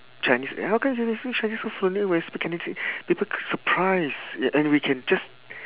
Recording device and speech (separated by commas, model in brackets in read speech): telephone, conversation in separate rooms